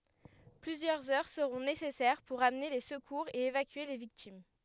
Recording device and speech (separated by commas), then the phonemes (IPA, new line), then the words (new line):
headset microphone, read sentence
plyzjœʁz œʁ səʁɔ̃ nesɛsɛʁ puʁ amne le səkuʁz e evakye le viktim
Plusieurs heures seront nécessaires pour amener les secours et évacuer les victimes.